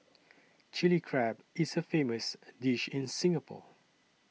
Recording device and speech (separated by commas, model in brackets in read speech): mobile phone (iPhone 6), read sentence